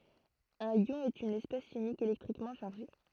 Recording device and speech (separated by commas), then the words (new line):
throat microphone, read sentence
Un ion est une espèce chimique électriquement chargée.